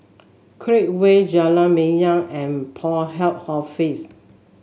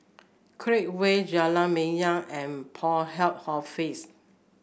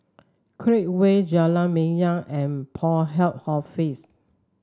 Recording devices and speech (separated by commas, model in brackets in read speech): mobile phone (Samsung S8), boundary microphone (BM630), standing microphone (AKG C214), read sentence